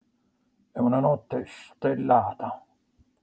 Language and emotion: Italian, angry